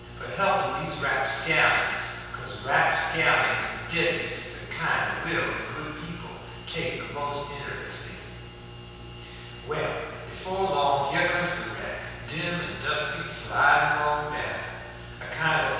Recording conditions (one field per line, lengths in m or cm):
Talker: one person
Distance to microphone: 7.1 m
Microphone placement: far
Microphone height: 1.7 m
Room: very reverberant, large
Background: none